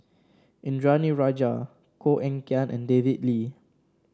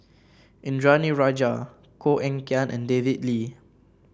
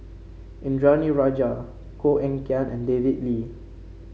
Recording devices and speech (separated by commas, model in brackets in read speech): standing microphone (AKG C214), boundary microphone (BM630), mobile phone (Samsung C5), read sentence